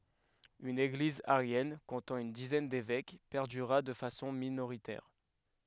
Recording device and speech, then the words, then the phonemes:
headset microphone, read sentence
Une Église arienne, comptant une dizaine d'évêques, perdura de façon minoritaire.
yn eɡliz aʁjɛn kɔ̃tɑ̃ yn dizɛn devɛk pɛʁdyʁa də fasɔ̃ minoʁitɛʁ

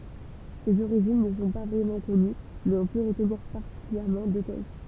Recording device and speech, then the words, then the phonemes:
temple vibration pickup, read sentence
Ses origines ne sont pas vraiment connues mais on peut retenir particulièrement deux thèses.
sez oʁiʒin nə sɔ̃ pa vʁɛmɑ̃ kɔny mɛz ɔ̃ pø ʁətniʁ paʁtikyljɛʁmɑ̃ dø tɛz

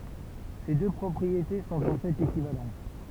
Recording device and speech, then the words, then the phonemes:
temple vibration pickup, read sentence
Ces deux propriétés sont en fait équivalentes.
se dø pʁɔpʁiete sɔ̃t ɑ̃ fɛt ekivalɑ̃t

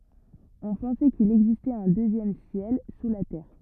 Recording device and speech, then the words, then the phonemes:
rigid in-ear microphone, read sentence
On pensait qu'il existait un deuxième ciel sous la terre.
ɔ̃ pɑ̃sɛ kil ɛɡzistɛt œ̃ døzjɛm sjɛl su la tɛʁ

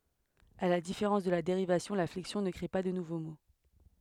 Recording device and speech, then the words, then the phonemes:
headset microphone, read sentence
À la différence de la dérivation, la flexion ne crée pas de nouveaux mots.
a la difeʁɑ̃s də la deʁivasjɔ̃ la flɛksjɔ̃ nə kʁe pa də nuvo mo

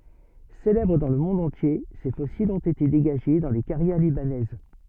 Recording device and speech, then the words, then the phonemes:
soft in-ear microphone, read sentence
Célèbres dans le monde entier, ces fossiles ont été dégagés dans les carrières libanaises.
selɛbʁ dɑ̃ lə mɔ̃d ɑ̃tje se fɔsilz ɔ̃t ete deɡaʒe dɑ̃ le kaʁjɛʁ libanɛz

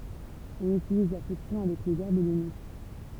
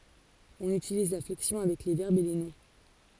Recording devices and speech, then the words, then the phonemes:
temple vibration pickup, forehead accelerometer, read sentence
On utilise la flexion avec les verbes et les noms.
ɔ̃n ytiliz la flɛksjɔ̃ avɛk le vɛʁbz e le nɔ̃

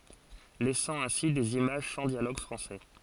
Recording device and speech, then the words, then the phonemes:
forehead accelerometer, read sentence
Laissant ainsi des images sans dialogue français.
lɛsɑ̃ ɛ̃si dez imaʒ sɑ̃ djaloɡ fʁɑ̃sɛ

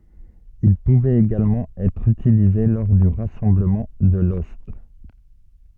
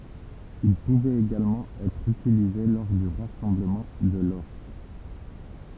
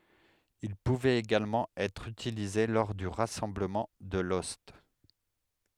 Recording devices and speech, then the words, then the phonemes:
soft in-ear microphone, temple vibration pickup, headset microphone, read sentence
Il pouvait également être utilisé lors du rassemblement de l'ost.
il puvɛt eɡalmɑ̃ ɛtʁ ytilize lɔʁ dy ʁasɑ̃bləmɑ̃ də lɔst

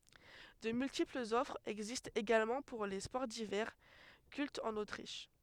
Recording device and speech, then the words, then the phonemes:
headset microphone, read sentence
De multiples offres existent également pour les sports d'hiver, cultes en Autriche.
də myltiplz ɔfʁz ɛɡzistt eɡalmɑ̃ puʁ le spɔʁ divɛʁ kyltz ɑ̃n otʁiʃ

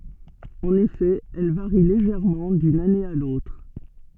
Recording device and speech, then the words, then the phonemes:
soft in-ear microphone, read sentence
En effet, elles varient légèrement d'une année à l'autre.
ɑ̃n efɛ ɛl vaʁi leʒɛʁmɑ̃ dyn ane a lotʁ

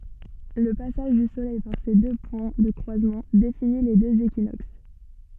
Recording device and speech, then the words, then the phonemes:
soft in-ear microphone, read sentence
Le passage du soleil par ces deux points de croisement définit les deux équinoxes.
lə pasaʒ dy solɛj paʁ se dø pwɛ̃ də kʁwazmɑ̃ defini le døz ekinoks

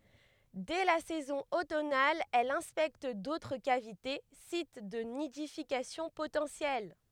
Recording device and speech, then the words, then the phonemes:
headset microphone, read sentence
Dès la saison automnale, elle inspecte d'autres cavités, sites de nidification potentiels.
dɛ la sɛzɔ̃ otɔnal ɛl ɛ̃spɛkt dotʁ kavite sit də nidifikasjɔ̃ potɑ̃sjɛl

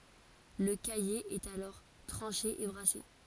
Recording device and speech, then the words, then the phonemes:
forehead accelerometer, read sentence
Le caillé est alors tranché et brassé.
lə kaje ɛt alɔʁ tʁɑ̃ʃe e bʁase

